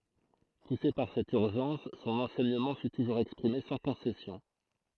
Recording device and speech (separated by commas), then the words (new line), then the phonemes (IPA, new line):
throat microphone, read sentence
Poussé par cette urgence, son enseignement fut toujours exprimé sans concessions.
puse paʁ sɛt yʁʒɑ̃s sɔ̃n ɑ̃sɛɲəmɑ̃ fy tuʒuʁz ɛkspʁime sɑ̃ kɔ̃sɛsjɔ̃